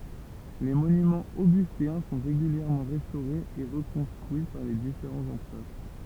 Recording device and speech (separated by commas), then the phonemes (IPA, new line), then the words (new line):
temple vibration pickup, read sentence
le monymɑ̃z oɡysteɛ̃ sɔ̃ ʁeɡyljɛʁmɑ̃ ʁɛstoʁez e ʁəkɔ̃stʁyi paʁ le difeʁɑ̃z ɑ̃pʁœʁ
Les monuments augustéens sont régulièrement restaurés et reconstruits par les différents empereurs.